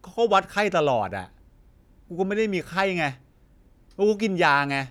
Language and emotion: Thai, frustrated